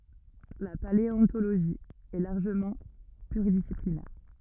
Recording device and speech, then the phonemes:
rigid in-ear microphone, read sentence
la paleɔ̃toloʒi ɛ laʁʒəmɑ̃ plyʁidisiplinɛʁ

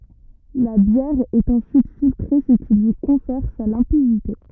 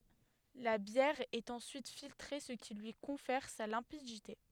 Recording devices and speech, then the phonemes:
rigid in-ear microphone, headset microphone, read sentence
la bjɛʁ ɛt ɑ̃syit filtʁe sə ki lyi kɔ̃fɛʁ sa lɛ̃pidite

